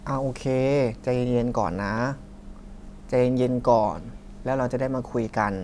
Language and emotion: Thai, neutral